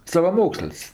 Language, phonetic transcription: Lithuanian, savaˈmoksəl's'

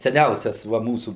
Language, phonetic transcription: Lithuanian, seˈniausias ˈva ˈmūsų

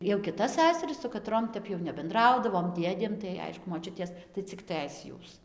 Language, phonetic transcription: Lithuanian, jau kiˈtas ˈsæsaris su kaˈtrom ˈtep jau nebenˈdraudavom ˈdėdėm tai ˈaišku moˈčiutės tai cik ˈtɘs ˈjūs

